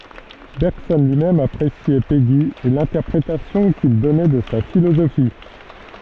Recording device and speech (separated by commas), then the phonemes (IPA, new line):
soft in-ear microphone, read sentence
bɛʁɡsɔn lyi mɛm apʁesjɛ peɡi e lɛ̃tɛʁpʁetasjɔ̃ kil dɔnɛ də sa filozofi